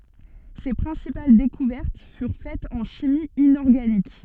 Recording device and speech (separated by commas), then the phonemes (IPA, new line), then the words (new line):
soft in-ear microphone, read sentence
se pʁɛ̃sipal dekuvɛʁt fyʁ fɛtz ɑ̃ ʃimi inɔʁɡanik
Ses principales découvertes furent faites en chimie inorganique.